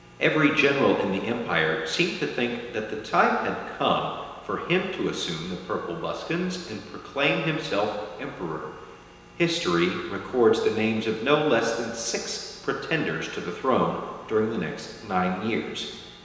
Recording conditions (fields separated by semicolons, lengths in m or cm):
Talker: one person; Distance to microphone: 1.7 m; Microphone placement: close; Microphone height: 1.0 m; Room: very reverberant, large; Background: none